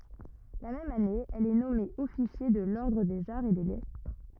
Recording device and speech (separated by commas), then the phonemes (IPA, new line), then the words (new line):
rigid in-ear microphone, read sentence
la mɛm ane ɛl ɛ nɔme ɔfisje də lɔʁdʁ dez aʁz e de lɛtʁ
La même année, elle est nommée officier de l'ordre des Arts et des Lettres.